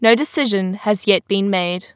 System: none